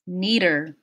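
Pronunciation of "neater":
In 'neater', the t in the middle of the word is a flap T.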